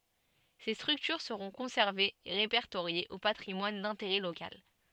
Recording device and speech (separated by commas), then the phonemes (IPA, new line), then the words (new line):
soft in-ear microphone, read sentence
se stʁyktyʁ səʁɔ̃ kɔ̃sɛʁvez e ʁepɛʁtoʁjez o patʁimwan dɛ̃teʁɛ lokal
Ces structures seront conservées et répertoriées au patrimoine d’intérêt local.